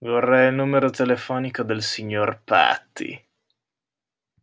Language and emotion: Italian, disgusted